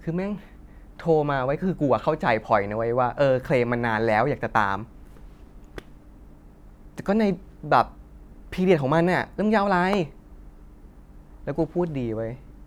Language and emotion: Thai, frustrated